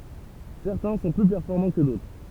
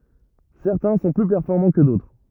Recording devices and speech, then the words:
temple vibration pickup, rigid in-ear microphone, read sentence
Certains sont plus performants que d'autres.

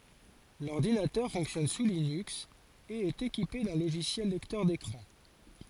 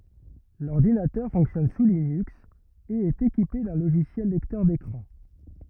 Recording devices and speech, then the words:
forehead accelerometer, rigid in-ear microphone, read sentence
L'ordinateur fonctionne sous Linux et est équipé d'un logiciel lecteur d'écran.

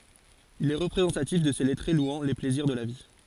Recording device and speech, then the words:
forehead accelerometer, read sentence
Il est représentatif de ces lettrés louant les plaisirs de la vie.

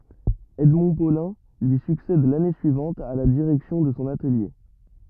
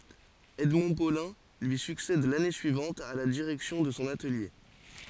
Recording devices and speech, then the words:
rigid in-ear microphone, forehead accelerometer, read sentence
Edmond Paulin lui succède l'année suivante à la direction de son atelier.

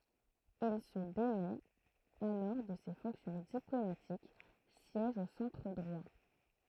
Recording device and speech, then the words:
throat microphone, read sentence
Il se démet alors de ses fonctions diplomatiques, siège au centre droit.

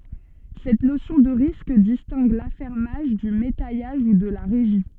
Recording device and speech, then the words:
soft in-ear microphone, read sentence
Cette notion de risque distingue l'affermage du métayage ou de la régie.

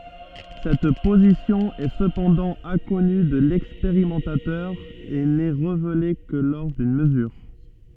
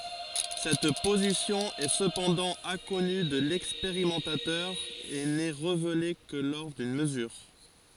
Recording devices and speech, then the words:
soft in-ear microphone, forehead accelerometer, read sentence
Cette position est cependant inconnue de l'expérimentateur et n'est révélée que lors d'une mesure.

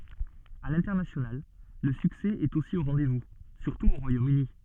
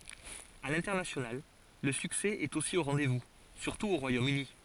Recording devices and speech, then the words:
soft in-ear microphone, forehead accelerometer, read sentence
À l'international, le succès est aussi au rendez-vous, surtout au Royaume-Uni.

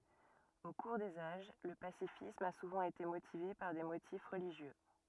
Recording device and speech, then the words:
rigid in-ear microphone, read sentence
Au cours des âges, le pacifisme a souvent été motivé par des motifs religieux.

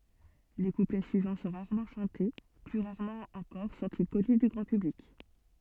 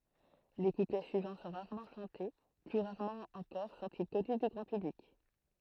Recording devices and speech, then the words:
soft in-ear microphone, throat microphone, read sentence
Les couplets suivants sont rarement chantés, plus rarement encore sont-ils connus du grand public.

